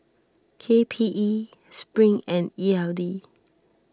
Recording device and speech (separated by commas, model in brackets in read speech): standing microphone (AKG C214), read sentence